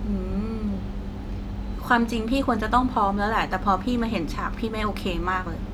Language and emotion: Thai, frustrated